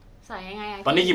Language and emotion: Thai, neutral